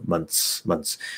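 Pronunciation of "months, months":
In 'months', the th is dropped completely, and the n goes straight into the s.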